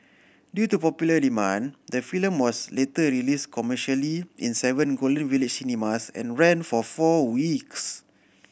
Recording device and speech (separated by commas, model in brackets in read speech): boundary microphone (BM630), read sentence